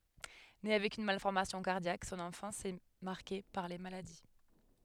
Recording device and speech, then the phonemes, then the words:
headset microphone, read sentence
ne avɛk yn malfɔʁmasjɔ̃ kaʁdjak sɔ̃n ɑ̃fɑ̃s ɛ maʁke paʁ le maladi
Né avec une malformation cardiaque, son enfance est marquée par les maladies.

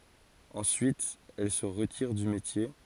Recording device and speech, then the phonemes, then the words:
forehead accelerometer, read sentence
ɑ̃syit ɛl sə ʁətiʁ dy metje
Ensuite elle se retire du métier.

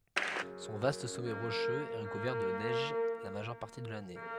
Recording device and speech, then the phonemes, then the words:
headset microphone, read sentence
sɔ̃ vast sɔmɛ ʁoʃøz ɛ ʁəkuvɛʁ də nɛʒ la maʒœʁ paʁti də lane
Son vaste sommet rocheux est recouvert de neige la majeure partie de l'année.

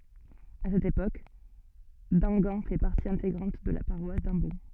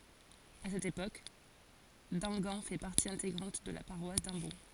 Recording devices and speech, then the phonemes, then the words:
soft in-ear microphone, forehead accelerometer, read sentence
a sɛt epok damɡɑ̃ fɛ paʁti ɛ̃teɡʁɑ̃t də la paʁwas dɑ̃bɔ̃
À cette époque, Damgan fait partie intégrante de la paroisse d'Ambon.

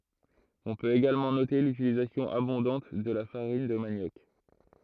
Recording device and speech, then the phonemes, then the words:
throat microphone, read sentence
ɔ̃ pøt eɡalmɑ̃ note lytilizasjɔ̃ abɔ̃dɑ̃t də la faʁin də manjɔk
On peut également noter l'utilisation abondante de la farine de manioc.

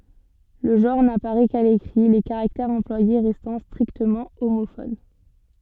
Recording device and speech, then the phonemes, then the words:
soft in-ear microphone, read sentence
lə ʒɑ̃ʁ napaʁɛ ka lekʁi le kaʁaktɛʁz ɑ̃plwaje ʁɛstɑ̃ stʁiktəmɑ̃ omofon
Le genre n'apparaît qu'à l'écrit, les caractères employés restant strictement homophones.

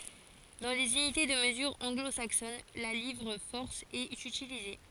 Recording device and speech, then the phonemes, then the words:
forehead accelerometer, read sentence
dɑ̃ lez ynite də məzyʁ ɑ̃ɡlo saksɔn la livʁ fɔʁs ɛt ytilize
Dans les unités de mesure anglo-saxonnes, la livre-force est utilisée.

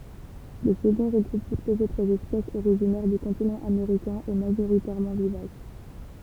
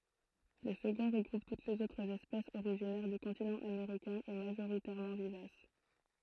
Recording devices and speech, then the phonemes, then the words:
temple vibration pickup, throat microphone, read sentence
lə səɡɔ̃ ʁəɡʁup tut lez otʁz ɛspɛsz oʁiʒinɛʁ dy kɔ̃tinɑ̃ ameʁikɛ̃ e maʒoʁitɛʁmɑ̃ vivas
Le second regroupe toutes les autres espèces originaires du continent américain et majoritairement vivaces.

